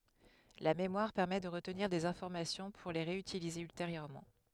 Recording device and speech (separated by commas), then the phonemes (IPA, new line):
headset microphone, read sentence
la memwaʁ pɛʁmɛ də ʁətniʁ dez ɛ̃fɔʁmasjɔ̃ puʁ le ʁeytilize ylteʁjøʁmɑ̃